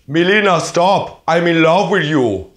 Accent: In German accent